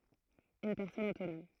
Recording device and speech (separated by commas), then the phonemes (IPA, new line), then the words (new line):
throat microphone, read sentence
yn pɛʁsɔn otonɔm
Une personne autonome.